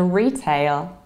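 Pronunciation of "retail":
'Retail' is said in an American accent, with the second part sounding like the word 'tail'.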